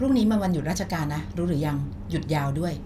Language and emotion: Thai, neutral